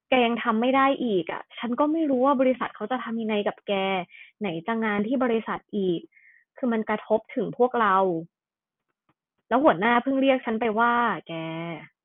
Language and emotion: Thai, frustrated